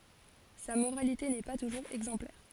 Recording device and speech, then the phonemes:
forehead accelerometer, read sentence
sa moʁalite nɛ pa tuʒuʁz ɛɡzɑ̃plɛʁ

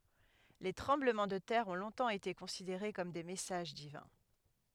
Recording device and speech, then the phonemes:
headset microphone, read sentence
le tʁɑ̃bləmɑ̃ də tɛʁ ɔ̃ lɔ̃tɑ̃ ete kɔ̃sideʁe kɔm de mɛsaʒ divɛ̃

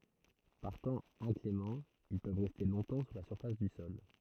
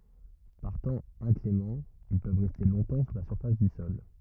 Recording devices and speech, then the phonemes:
throat microphone, rigid in-ear microphone, read sentence
paʁ tɑ̃ ɛ̃klemɑ̃ il pøv ʁɛste lɔ̃tɑ̃ su la syʁfas dy sɔl

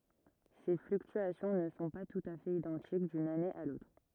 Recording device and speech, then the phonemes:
rigid in-ear microphone, read sentence
se flyktyasjɔ̃ nə sɔ̃ pa tut a fɛt idɑ̃tik dyn ane a lotʁ

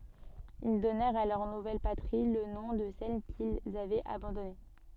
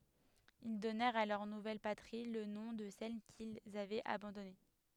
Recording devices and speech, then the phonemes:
soft in-ear microphone, headset microphone, read sentence
il dɔnɛʁt a lœʁ nuvɛl patʁi lə nɔ̃ də sɛl kilz avɛt abɑ̃dɔne

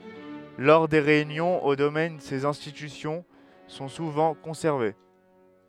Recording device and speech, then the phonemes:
headset microphone, read sentence
lɔʁ de ʁeynjɔ̃z o domɛn sez ɛ̃stitysjɔ̃ sɔ̃ suvɑ̃ kɔ̃sɛʁve

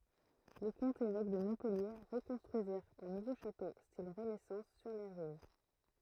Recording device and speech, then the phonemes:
throat microphone, read sentence
le kɔ̃tz evɛk də mɔ̃pɛlje ʁəkɔ̃stʁyiziʁt œ̃ nuvo ʃato stil ʁənɛsɑ̃s syʁ le ʁyin

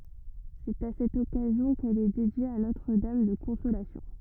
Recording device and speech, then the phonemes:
rigid in-ear microphone, read sentence
sɛt a sɛt ɔkazjɔ̃ kɛl ɛ dedje a notʁ dam də kɔ̃solasjɔ̃

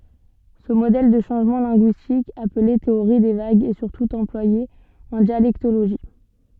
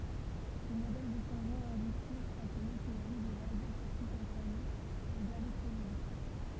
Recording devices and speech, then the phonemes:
soft in-ear microphone, temple vibration pickup, read sentence
sə modɛl də ʃɑ̃ʒmɑ̃ lɛ̃ɡyistik aple teoʁi de vaɡz ɛ syʁtu ɑ̃plwaje ɑ̃ djalɛktoloʒi

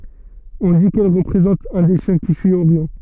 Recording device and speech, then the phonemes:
soft in-ear microphone, read sentence
ɔ̃ di kɛl ʁəpʁezɑ̃t œ̃ de ʃjɛ̃ ki syi oʁjɔ̃

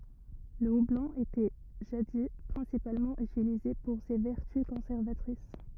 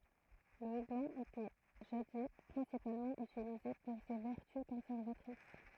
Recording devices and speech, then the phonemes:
rigid in-ear microphone, throat microphone, read sentence
lə ublɔ̃ etɛ ʒadi pʁɛ̃sipalmɑ̃ ytilize puʁ se vɛʁty kɔ̃sɛʁvatʁis

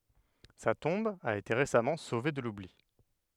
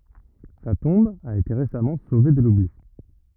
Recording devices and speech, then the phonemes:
headset microphone, rigid in-ear microphone, read sentence
sa tɔ̃b a ete ʁesamɑ̃ sove də lubli

